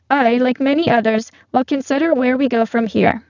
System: VC, spectral filtering